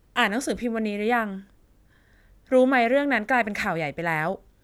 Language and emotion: Thai, neutral